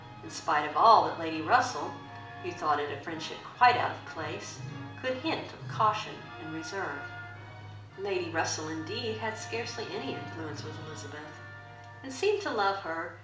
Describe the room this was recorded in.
A moderately sized room.